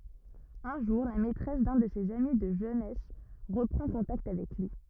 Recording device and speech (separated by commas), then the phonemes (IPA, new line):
rigid in-ear microphone, read sentence
œ̃ ʒuʁ la mɛtʁɛs dœ̃ də sez ami də ʒønɛs ʁəpʁɑ̃ kɔ̃takt avɛk lyi